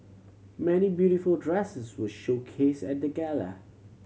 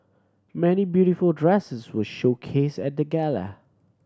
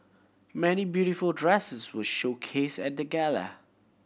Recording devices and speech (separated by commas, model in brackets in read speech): mobile phone (Samsung C7100), standing microphone (AKG C214), boundary microphone (BM630), read sentence